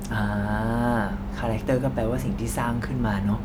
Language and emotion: Thai, frustrated